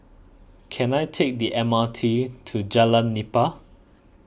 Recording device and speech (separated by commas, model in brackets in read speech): boundary microphone (BM630), read sentence